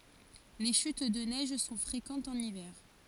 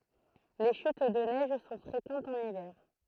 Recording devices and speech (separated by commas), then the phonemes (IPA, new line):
forehead accelerometer, throat microphone, read sentence
le ʃyt də nɛʒ sɔ̃ fʁekɑ̃tz ɑ̃n ivɛʁ